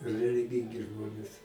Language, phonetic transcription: Lithuanian, reliˈgingi ˈžmonės

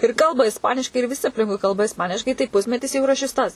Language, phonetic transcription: Lithuanian, ir ˈkalba isˈpaniškai ir viˈsi apˈlinkui ˈkalba isˈpaniškai tai ˈpusmetis jau yˈra šis ˈtas

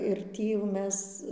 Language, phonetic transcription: Lithuanian, ir ˈtį jau ˈmes

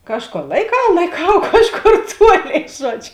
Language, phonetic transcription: Lithuanian, ˈkažˌkor laiˈkau laiˈkau ˈkažˌkor ˈtuoˌlėi ˈžuodž'

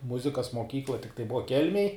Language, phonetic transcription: Lithuanian, ˈmuzikas moˈkykla tikˈtai ˈbuva ˈkelmėj

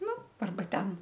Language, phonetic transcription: Lithuanian, ˈnu arˈba ˈten

